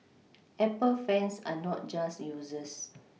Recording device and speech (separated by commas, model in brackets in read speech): mobile phone (iPhone 6), read sentence